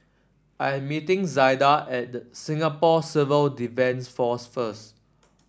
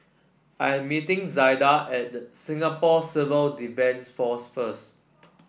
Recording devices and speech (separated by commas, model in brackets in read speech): standing microphone (AKG C214), boundary microphone (BM630), read sentence